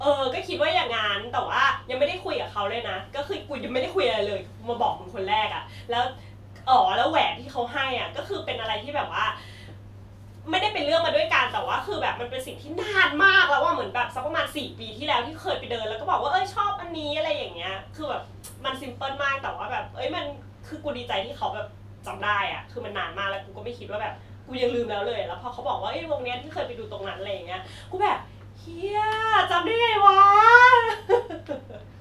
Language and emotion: Thai, happy